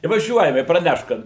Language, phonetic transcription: Lithuanian, i vaˈžiuojam i praˈnešt ˈkad

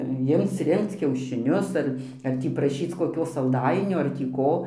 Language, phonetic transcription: Lithuanian, ˈjimc ˈrinkc kiaušiˈnius ar ar ˈtį praˈšyc koˈkio salˈdainio ar tį ˈko

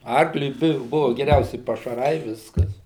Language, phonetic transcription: Lithuanian, ˈarkliui ˈbu ˈbuvu geˈriausi pašaˈrai ˈviskas

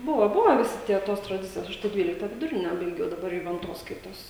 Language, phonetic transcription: Lithuanian, ˈbuva ˈbuva viˈsi ˈtie ˈtos traˈdicijos ˈaš tai ˈdvylikta viduˈrine baiˈgiau daˈbar juvenˈtos ˈskaitos

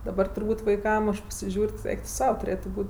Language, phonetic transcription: Lithuanian, daˈbar turˈbūt' vaiˈkam aš pasiˈžiūr' ti ˈeik tu ˈsau tuˈrėtu ˈbūt'

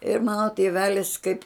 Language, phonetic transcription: Lithuanian, ir mano tėˈvelis kaip

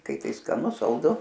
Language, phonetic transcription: Lithuanian, ˈkai ˈtai skaˈnu salˈdu

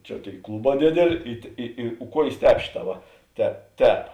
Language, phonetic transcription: Lithuanian, ˈčia ˈtėi ˈkluˌbā ˈdėdėˌlė i tė ˈi i ˈkuojės ˈtēp ˈšėˌtā ˈva te ˈtēp

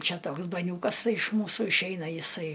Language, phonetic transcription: Lithuanian, ˈčia ˈtoks baˈniūkas ˈtai iš ˈmūsu išˈeina jiˈsai

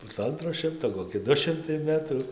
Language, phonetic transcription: Lithuanian, puˈsantro ˈšimto koˈki ˈdu ˈšimtai ˈmetrų

